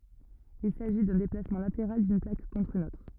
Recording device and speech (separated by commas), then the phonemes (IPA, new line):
rigid in-ear microphone, read sentence
il saʒi dœ̃ deplasmɑ̃ lateʁal dyn plak kɔ̃tʁ yn otʁ